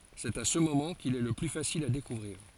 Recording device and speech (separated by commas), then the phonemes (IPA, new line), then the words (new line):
forehead accelerometer, read sentence
sɛt a sə momɑ̃ kil ɛ lə ply fasil a dekuvʁiʁ
C'est à ce moment qu'il est le plus facile à découvrir.